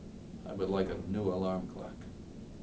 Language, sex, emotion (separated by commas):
English, male, neutral